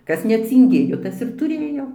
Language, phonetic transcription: Lithuanian, ˈkas necinˈgėjo ˈtas ir tuˈrėjo

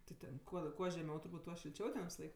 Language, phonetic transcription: Lithuanian, ti ˈten kuo ˈkuo žeˈmiau turˈbūt ˈtuo šilˈčiau ten visaˈlaik

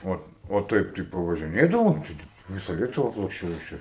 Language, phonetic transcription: Lithuanian, ˈo o ˈtaip tai pavažiˈnėdavom ˈčia tik ˈvisa ˈlietuva aplaksˈčiau nes ˈčia

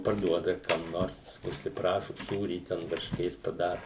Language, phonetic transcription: Lithuanian, parˈduoda kam ˈnors užsiˈprašu ˈsūrį ˈten varšˈkės paˈdaru

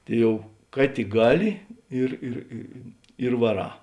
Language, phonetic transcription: Lithuanian, ˈtai ˈjau ˈka tik ˈgaˌli ˈir ir i i ir vaˈrā

